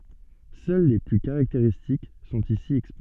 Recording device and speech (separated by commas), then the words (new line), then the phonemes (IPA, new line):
soft in-ear microphone, read sentence
Seuls les plus caractéristiques sont ici exposés.
sœl le ply kaʁakteʁistik sɔ̃t isi ɛkspoze